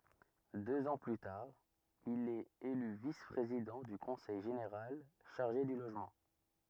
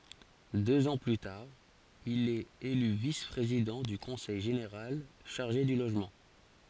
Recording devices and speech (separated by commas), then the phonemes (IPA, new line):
rigid in-ear microphone, forehead accelerometer, read sentence
døz ɑ̃ ply taʁ il ɛt ely vis pʁezidɑ̃ dy kɔ̃sɛj ʒeneʁal ʃaʁʒe dy loʒmɑ̃